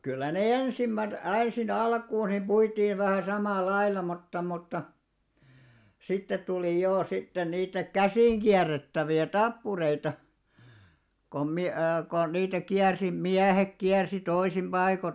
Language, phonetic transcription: Finnish, kyllä ne "ensimmät , 'ä̀nsi'n ‿alkuun nim 'ʙuitiiv vähä̀ 'samàl̆§"lailla mutta mutta , 'sittet tuli 'jò sitten niitä "käsìn'ɢiärrettävi₍ä "tappureita , kom mi- , kon niitä 'kiärsi "miähek kiärsi 'toisim 'ʙaiko .
- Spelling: kyllä ne ensimmäiset ensin alkuun niin puitiin vähän samalla lailla mutta mutta sitten tuli jo sitten niitä käsinkierrettäviä tappureita kun - kun niitä kiersi miehet kiersi toisin paikoin

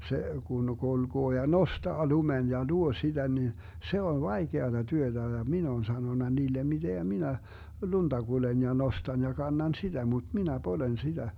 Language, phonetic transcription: Finnish, 'se 'kun 'kulGoo ja "nostaa 'lumen ja "luo 'siDä ni , 'se on "vaikeata 'työtä ja 'min ‿oon 'sanona 'niilem miDeŋGä 'minä , "lunDa 'Gulen ja 'nostan ja 'kannan "siDä mut 'minä 'polen 'siDä .
- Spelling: se kun kulkee ja nostaa lumen ja luo sitä niin se on vaikeata työtä ja minä olen sanonut niille miten minä lunta kuljen ja nostan ja kannan sitä mutta minä poljen sitä

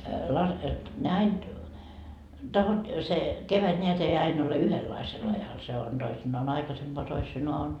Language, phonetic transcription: Finnish, las- , 'näit- , 'tahot- , se , 'kevät ńeät ei 'ain ‿ole "yhellaisel ajal 'se on , Doisinnaa"n aikasempoa toisinoa on ,.
- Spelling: - - - se kevät näet ei aina ole yhdenlaisella ajalla se on toisinaan aikaisempaan toisinaan on

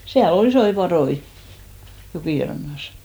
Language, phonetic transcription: Finnish, 'siä'l ‿ol "isoi 'paδoi , 'jokìrannas .
- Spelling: siellä oli isoja patoja jokirannassa

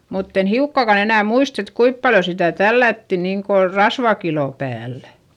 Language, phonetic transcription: Finnish, mutt ‿en hiukkàkan ‿enä̀ muist ‿et kuip paljo sitä̀ tällätti niiŋko , rasvakilò päällÄ .
- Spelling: mutta en hiukkaakaan enää muista että kuinka paljon sitä tällättiin niin kuin rasvakiloa päällä

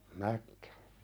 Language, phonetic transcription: Finnish, näkkᴀ̈ .
- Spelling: näkki

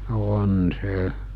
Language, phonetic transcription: Finnish, 'on 'se .
- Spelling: on se

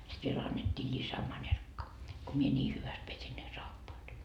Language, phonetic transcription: Finnish, sit 'viel annet́t́ii 'ĺisämańerkka , ko mie 'ńii 'hyväst pesin ne 'saappaat .
- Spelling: sitten vielä annettiin lisämanerkka kun minä niin hyvästi pesin ne saappaat

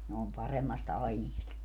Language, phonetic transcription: Finnish, ne om 'paremmast 'ainiest .
- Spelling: ne on paremmasta aineesta

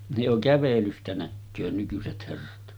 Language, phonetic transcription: Finnish, ne jo 'kävelystä näkköö nykyset herrat .
- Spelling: ne jo kävelystä näkee nykyiset herrat

